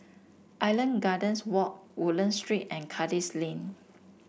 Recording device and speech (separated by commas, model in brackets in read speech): boundary microphone (BM630), read sentence